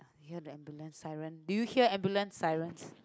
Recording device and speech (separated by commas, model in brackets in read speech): close-talking microphone, conversation in the same room